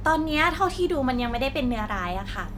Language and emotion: Thai, neutral